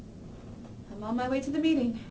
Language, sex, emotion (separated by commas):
English, female, neutral